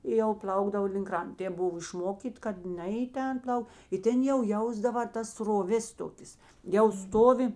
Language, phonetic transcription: Lithuanian, i jau ˈplaukdavo link ˈkrant ˈtėp ˈbuvo išˈmokyt' kad ˈne i ˈten ˈplau i ˈten jau ˈjausdava tas sroˈvės ˈtokės jau ˈstovi

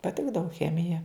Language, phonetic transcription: Lithuanian, paˈtikdavu ˈchemija

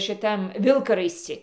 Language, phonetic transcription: Lithuanian, šiˈtam ˈvilkaraisci

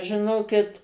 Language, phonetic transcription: Lithuanian, žiˈnokit

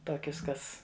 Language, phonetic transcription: Lithuanian, ˈtokius ˈkas

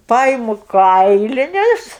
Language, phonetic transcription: Lithuanian, ˈpaimu ˈkailinius

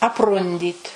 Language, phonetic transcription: Lithuanian, apˈrundyt

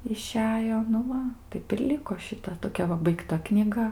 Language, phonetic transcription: Lithuanian, iˈšejo ˈnu ˈva ˈtaip ir ˈliko šiˈta toˈkia va baigˈta knyˈga

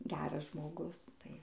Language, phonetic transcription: Lithuanian, ˈgeras žmoˈgus tai

